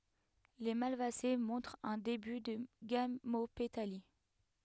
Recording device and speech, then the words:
headset microphone, read sentence
Les Malvacées montrent un début de gamopétalie.

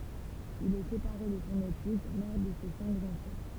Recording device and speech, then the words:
temple vibration pickup, read sentence
Il est séparé de son épouse, mère de ses cinq enfants.

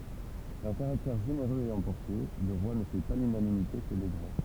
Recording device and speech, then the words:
temple vibration pickup, read sentence
D'un caractère généreux et emporté, le roi ne fait pas l'unanimité chez les grands.

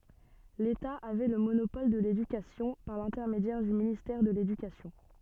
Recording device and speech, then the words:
soft in-ear microphone, read sentence
L'État avait le monopole de l'éducation, par l'intermédiaire du ministère de l'Éducation.

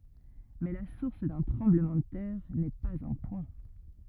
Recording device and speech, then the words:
rigid in-ear microphone, read sentence
Mais la source d'un tremblement de terre n'est pas un point.

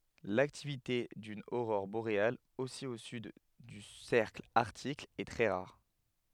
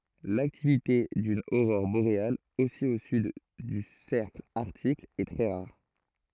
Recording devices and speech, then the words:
headset microphone, throat microphone, read sentence
L'activité d'une aurore boréale aussi au sud du cercle Arctique est très rare.

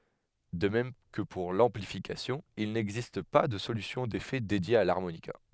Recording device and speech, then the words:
headset microphone, read sentence
De même que pour l'amplification, il n'existe pas de solution d'effets dédiée à l'harmonica.

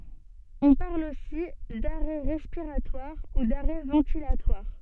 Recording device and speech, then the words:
soft in-ear microphone, read sentence
On parle aussi d'arrêt respiratoire ou d'arrêt ventilatoire.

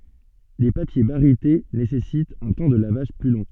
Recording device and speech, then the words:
soft in-ear microphone, read sentence
Les papiers barytés nécessitent un temps de lavage plus long.

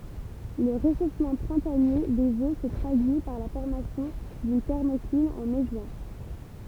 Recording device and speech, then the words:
temple vibration pickup, read sentence
Le réchauffement printanier des eaux se traduit par la formation d’une thermocline en mai-juin.

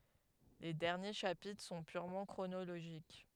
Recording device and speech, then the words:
headset microphone, read sentence
Les derniers chapitres sont purement chronologiques.

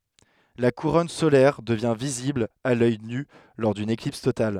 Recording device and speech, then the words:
headset microphone, read sentence
La couronne solaire devient visible à l’œil nu lors d’une éclipse totale.

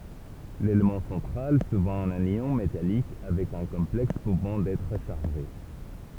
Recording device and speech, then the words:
temple vibration pickup, read sentence
L'élément central, souvent un ion métallique avec un complexe pouvant être chargé.

